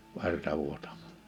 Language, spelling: Finnish, verta vuotamasta
- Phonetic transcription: 'verta 'vuotaᴍ[asta] .

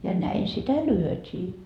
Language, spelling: Finnish, ja näin sitä lyötiin
- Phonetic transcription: ja 'näin sitä "lyötii .

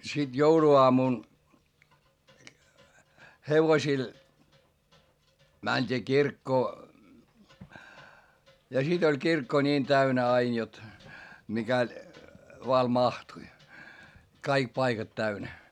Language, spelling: Finnish, sitten jouluaamuna hevosilla mentiin kirkkoon ja sitten oli kirkko niin täynnä aina jotta mikäli vain mahtui kaikki paikat täynnä
- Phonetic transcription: sit joulu₍oamun , hevosil , mäńD'ii kirkkoo , ja sit ‿oĺ kirkko ńiin täynä ain jot , mikäĺ , vaa mahtui , kaik paikat täynä .

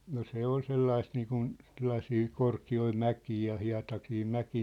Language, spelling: Finnish, no se oli sellaista niin kuin sellaisia korkeita mäkiä ja hietaisia mäkiä
- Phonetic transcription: no 'se ‿ol 'sellaist niikun , sellasii 'korki₍oi 'mäkii ja 'hia̭tasii 'mäkii .

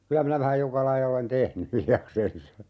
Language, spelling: Finnish, kyllä minä vähän joka lajia olen tehnyt hiljakseen
- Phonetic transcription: 'kylä minä vähäj 'joka laija olen "tehny , 'hiljaksensa .

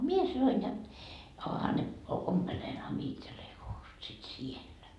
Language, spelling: Finnish, minä sanoin ja onhan ne ompelenhan minä itselleni housut sitten siellä
- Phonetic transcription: 'mie sanoin ja » oha ne , 'ompelenhan mie 'itsellei housut sit "siellä .

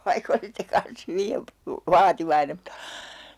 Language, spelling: Finnish, vaikka olisitte kanssa hyvin - vaativainen mutta
- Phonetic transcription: 'vaihk ‿olisitte kans 'hyvi e- , "vaativainem [mut]ta ,.

